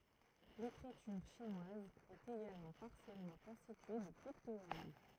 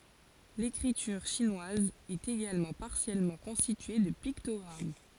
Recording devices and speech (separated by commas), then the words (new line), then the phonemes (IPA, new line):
throat microphone, forehead accelerometer, read sentence
L'écriture chinoise est également partiellement constituée de pictogrammes.
lekʁityʁ ʃinwaz ɛt eɡalmɑ̃ paʁsjɛlmɑ̃ kɔ̃stitye də piktɔɡʁam